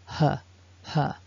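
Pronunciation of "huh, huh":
Each 'huh' has some voicing at the end, so it is not just a pure huff of air.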